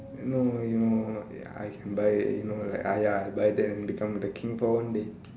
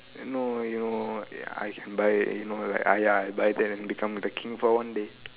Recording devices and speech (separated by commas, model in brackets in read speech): standing microphone, telephone, conversation in separate rooms